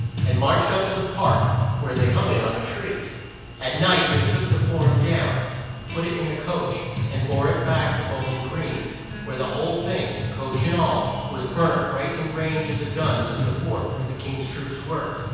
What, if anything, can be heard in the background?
Music.